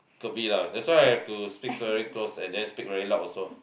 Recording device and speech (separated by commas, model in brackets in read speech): boundary microphone, conversation in the same room